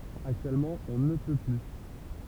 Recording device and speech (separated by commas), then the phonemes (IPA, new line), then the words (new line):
temple vibration pickup, read sentence
aktyɛlmɑ̃ ɔ̃ nə pø ply
Actuellement, on ne peut plus.